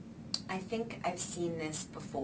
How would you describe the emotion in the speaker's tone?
neutral